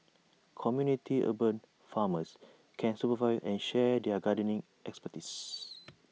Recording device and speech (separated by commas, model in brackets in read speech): mobile phone (iPhone 6), read sentence